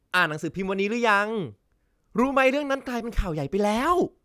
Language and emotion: Thai, happy